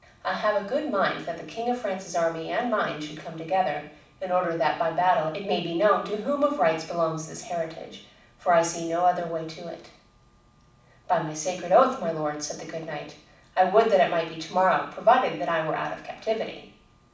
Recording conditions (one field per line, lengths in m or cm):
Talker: one person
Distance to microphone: 5.8 m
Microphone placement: far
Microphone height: 1.8 m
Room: medium-sized (5.7 m by 4.0 m)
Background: none